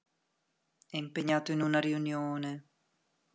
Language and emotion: Italian, sad